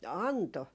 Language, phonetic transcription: Finnish, "anto .
- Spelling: antoi

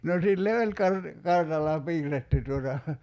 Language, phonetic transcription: Finnish, no 'sille "oĺ kar- , 'kartalla "piirretty tuota ,.
- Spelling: no sille oli - kartalla piirretty tuota

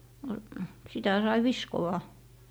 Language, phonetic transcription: Finnish, no , sitä 'sai "viskowa .
- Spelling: no sitä sai viskoa

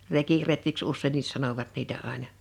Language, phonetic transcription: Finnish, 'rekiretkiks 'ussènnis 'sanovat niitä ’àena .
- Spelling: rekiretkiksi useinkin sanoivat niitä aina

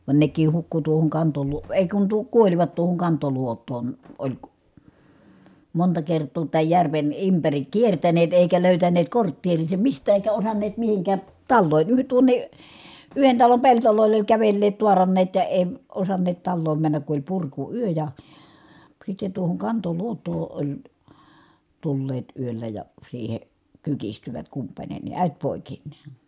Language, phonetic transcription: Finnish, van nek̀iih hukku tuohoŋ Kantoluo- , èi̮ kun tuo- , kuoĺvat tuohoŋ Kantoluot̆toon , oĺ , monta kert̆too tääj järven ympärik kiertäneet èikä lö̀ytäneet kortteeriisem mistää èikä osanneet mihiŋkää , tallòin , yh- tuoǹe , yhen talom peltolòi̮l ‿oĺ kävelleet tuaranneet ja èi̮ , osanneet talloom männäk ku oĺ purku₍yö ja , sitte tuohoŋ Kantoluot̆too oĺ , tulleet yöllä ja , siihe , kykistyvät kumpańeni , ä̀et pòikinnè .
- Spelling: vaan nekin hukkui tuohon - ei kun - kuolivat tuohon Kantoluotoon oli monta kertaa tämän järven ympäri kiertäneet eikä löytäneet kortteeriinsa mistään eikä osanneet mihinkään taloihin - tuonne yhden talon pelloille oli kävelleet taaranneet ja ei osanneet taloon mennä kun oli purkuyö ja sitten tuohon Kantoluotoon oli tulleet yöllä ja siihen kyykistyvät kumpainenkin äiti poikineen

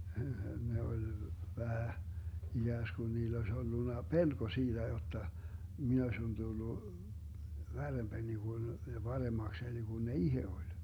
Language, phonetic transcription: Finnish, 'ne oĺ 'vähä , 'iGääskun 'niill ‿oes 'ollunna "pelko 'siiDä jotta , 'min ‿ośin 'Dullu , 'värremBäni Gun , ja 'Baremakseni Gun ne "ihe 'oĺ .
- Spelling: ne oli vähän ikään kuin niillä olisi ollut pelko siitä jotta minä olisin tullut värrempäni kuin ja paremmakseni kuin ne itse oli

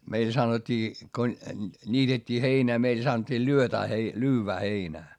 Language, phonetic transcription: Finnish, meil sanot́t́ii , ko , ńiitet́t́ii heinää meil sanᵒt́t́ii lyötää hei- , lyyvvää heinää .
- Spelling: meillö sanottiin kun niitettiin heinää meillä sanottiin - - lyödään heinää

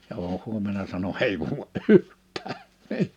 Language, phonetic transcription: Finnish, ja oo 'huom̆mena sano » 'hei vuuʷa’ "’yhttää ! «
- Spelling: ja - huomenna sanoi ei vuoda yhtään

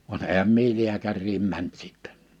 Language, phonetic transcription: Finnish, van 'ehäm mie 'liäkärriim 'mänt sittɛ .
- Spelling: vaan enhän minä lääkäriin mennyt sitten

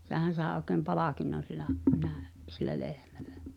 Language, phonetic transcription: Finnish, 'sehän̬ sàe òkem "palàkinnon sil̆lä , nä̀ö- , sillä 'lehmᴀ̈ʟᴀ̈ .
- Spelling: sehän sai oikein palkinnon sillä - sillä lehmällä

